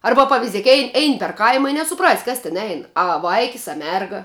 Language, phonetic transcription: Lithuanian, ˈarba paviˈziek ei ˈein per ˈkaima i nesuˈprasi ˈkas tin ˈein a ˈvaikis a ˈmerga

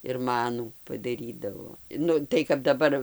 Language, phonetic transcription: Lithuanian, ir ˈmanų padaˈrydavo ˈnu tai kap daˈbar

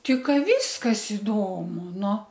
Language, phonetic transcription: Lithuanian, ˈti ˈką ˈvyskas iˈdomu ˈnu

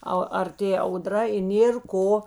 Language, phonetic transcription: Lithuanian, ˈa arˈtė auˈdra i ˈnėr ˈko

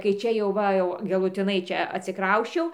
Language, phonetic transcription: Lithuanian, kai ˈčia jau ˈva jau galuˈtinai ˈčia atsiˈkrausčiau

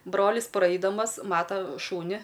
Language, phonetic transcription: Lithuanian, ˈbrolis ˈpraidamas ˈmata ˈšūni

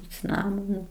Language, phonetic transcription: Lithuanian, i ciˈnamonu

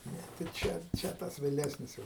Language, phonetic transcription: Lithuanian, ˈne tai ˈčia ˈčia ˈtas vėˈlesnis ˈjau

